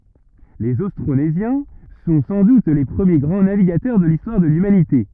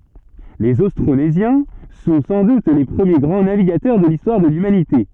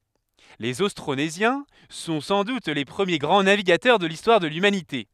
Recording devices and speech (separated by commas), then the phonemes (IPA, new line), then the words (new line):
rigid in-ear microphone, soft in-ear microphone, headset microphone, read sentence
lez ostʁonezjɛ̃ sɔ̃ sɑ̃ dut le pʁəmje ɡʁɑ̃ naviɡatœʁ də listwaʁ də lymanite
Les Austronésiens sont sans doute les premiers grands navigateurs de l'histoire de l'humanité.